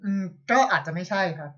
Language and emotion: Thai, frustrated